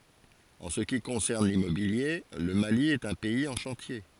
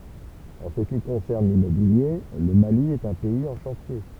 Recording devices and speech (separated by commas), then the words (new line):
forehead accelerometer, temple vibration pickup, read sentence
En ce qui concerne l'immobilier, le Mali est un pays en chantier.